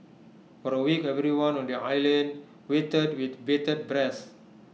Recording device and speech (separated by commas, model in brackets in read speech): mobile phone (iPhone 6), read sentence